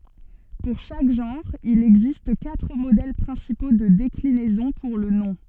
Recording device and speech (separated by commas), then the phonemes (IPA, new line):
soft in-ear microphone, read sentence
puʁ ʃak ʒɑ̃ʁ il ɛɡzist katʁ modɛl pʁɛ̃sipo də deklinɛzɔ̃ puʁ lə nɔ̃